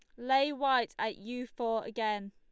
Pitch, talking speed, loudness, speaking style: 235 Hz, 170 wpm, -32 LUFS, Lombard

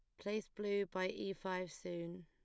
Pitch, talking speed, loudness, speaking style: 185 Hz, 175 wpm, -42 LUFS, plain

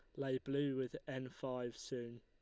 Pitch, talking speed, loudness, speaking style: 130 Hz, 180 wpm, -43 LUFS, Lombard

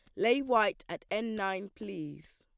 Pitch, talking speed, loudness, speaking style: 210 Hz, 170 wpm, -32 LUFS, plain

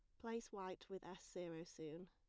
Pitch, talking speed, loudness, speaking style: 180 Hz, 190 wpm, -52 LUFS, plain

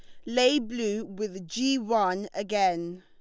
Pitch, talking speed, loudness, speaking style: 215 Hz, 130 wpm, -27 LUFS, Lombard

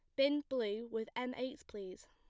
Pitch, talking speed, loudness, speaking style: 245 Hz, 190 wpm, -39 LUFS, plain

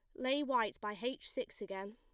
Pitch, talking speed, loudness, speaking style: 245 Hz, 210 wpm, -39 LUFS, plain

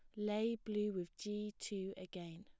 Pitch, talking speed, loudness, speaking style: 210 Hz, 165 wpm, -43 LUFS, plain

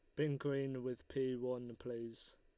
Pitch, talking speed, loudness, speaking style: 125 Hz, 165 wpm, -42 LUFS, Lombard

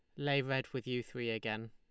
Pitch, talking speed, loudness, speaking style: 125 Hz, 240 wpm, -37 LUFS, Lombard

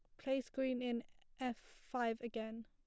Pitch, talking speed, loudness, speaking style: 245 Hz, 145 wpm, -42 LUFS, plain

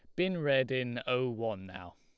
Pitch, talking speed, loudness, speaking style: 125 Hz, 205 wpm, -32 LUFS, Lombard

